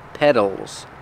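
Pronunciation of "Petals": In 'petals', the t is said as a fast d sound.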